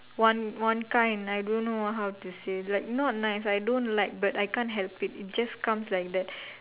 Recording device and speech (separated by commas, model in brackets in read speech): telephone, conversation in separate rooms